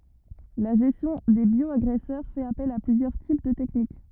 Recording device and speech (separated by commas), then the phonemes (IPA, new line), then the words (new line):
rigid in-ear microphone, read sentence
la ʒɛstjɔ̃ de bjɔaɡʁɛsœʁ fɛt apɛl a plyzjœʁ tip də tɛknik
La gestion des bioagresseurs fait appel à plusieurs types de techniques.